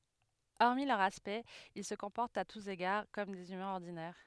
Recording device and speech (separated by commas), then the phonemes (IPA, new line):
headset microphone, read sentence
ɔʁmi lœʁ aspɛkt il sə kɔ̃pɔʁtt a tus eɡaʁ kɔm dez ymɛ̃z ɔʁdinɛʁ